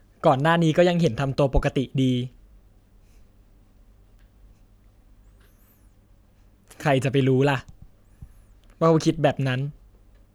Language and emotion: Thai, sad